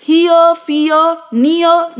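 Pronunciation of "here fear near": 'Here', 'fear' and 'near' are pronounced correctly.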